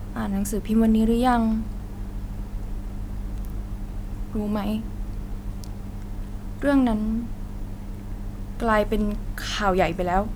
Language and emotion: Thai, frustrated